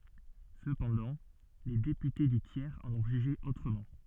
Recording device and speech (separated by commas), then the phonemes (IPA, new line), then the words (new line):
soft in-ear microphone, read sentence
səpɑ̃dɑ̃ le depyte dy tjɛʁz ɑ̃n ɔ̃ ʒyʒe otʁəmɑ̃
Cependant, les députés du tiers en ont jugé autrement.